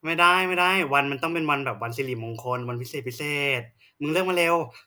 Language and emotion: Thai, happy